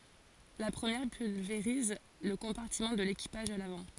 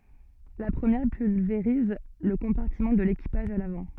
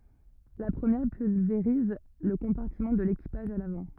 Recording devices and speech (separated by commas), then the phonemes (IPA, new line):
forehead accelerometer, soft in-ear microphone, rigid in-ear microphone, read sentence
la pʁəmjɛʁ pylveʁiz lə kɔ̃paʁtimɑ̃ də lekipaʒ a lavɑ̃